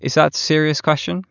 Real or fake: real